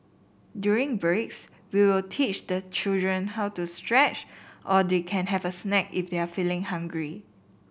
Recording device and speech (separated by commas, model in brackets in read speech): boundary microphone (BM630), read sentence